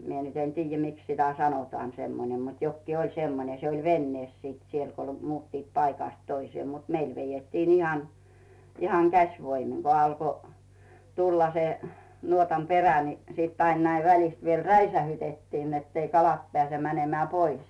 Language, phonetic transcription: Finnish, 'mie nyt ‿en 'tiijjä "miks sitä 'sanotᵒaan semmonem mut 'jokkii 'oĺ 'semmone se oĺ 'vennees siit siel ko 'muuttiit 'paikàst "toisⁱee mut , 'meil vejettiin ihan , ihaŋ 'käsvoimiŋ ko alko , 'tulla se , nuotam 'perä ni , sit ain näiv 'välist viel "räisähytettin nett ‿ei 'kalat pᵉä̀se 'mänemᵉä̀ "pois .
- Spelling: minä nyt en tiedä miksi sitä sanotaan semmoinen mutta jokin oli semmoinen se oli veneessä sitten siellä kun muuttivat paikasta toiseen mutta meillä vedettiin ihan ihan käsivoimin kun alkoi tulla se nuotan perä niin sitten aina näin välistä vielä räiskäytettin että ei kalat pääse menemään pois

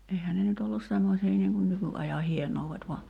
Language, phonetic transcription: Finnish, 'ehä ne nyt ‿ollus 'semmosii niiŋ kun "nyky’aja 'hienouvvet va ,.
- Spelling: eihän ne nyt ollut semmoisia niin kuin nykyajan hienoudet vaan

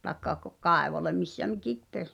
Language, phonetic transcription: Finnish, taĕkka k- , "kàevole missä "mikip 'pes .
- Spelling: tai - kaivolle missä mikin pesi

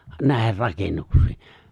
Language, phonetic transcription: Finnish, 'nä̀ehir 'rakennuks̀ii .
- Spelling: näihin rakennuksiin

